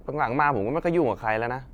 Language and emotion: Thai, frustrated